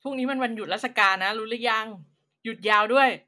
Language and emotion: Thai, happy